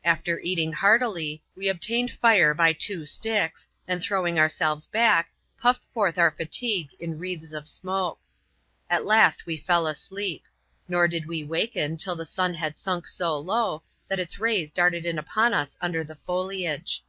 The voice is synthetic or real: real